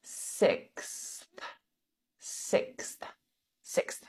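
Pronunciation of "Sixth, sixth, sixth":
'Sixth' is said as one syllable: 'six' followed by a really quick th sound.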